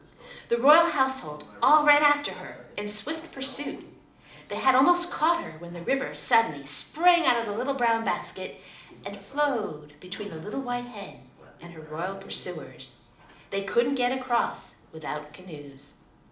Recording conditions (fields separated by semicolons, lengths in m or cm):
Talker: one person; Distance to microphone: 2.0 m; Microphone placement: close; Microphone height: 99 cm; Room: medium-sized (5.7 m by 4.0 m); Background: television